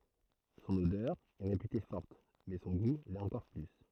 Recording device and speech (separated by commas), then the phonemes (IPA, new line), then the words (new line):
throat microphone, read sentence
sɔ̃n odœʁ ɛ ʁepyte fɔʁt mɛ sɔ̃ ɡu lɛt ɑ̃kɔʁ ply
Son odeur est réputée forte, mais son goût l'est encore plus.